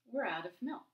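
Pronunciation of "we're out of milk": In 'out of', the t at the end of 'out' becomes a d sound and connects to the vowel of 'of'.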